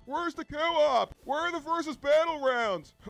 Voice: with a derpy surfer drawl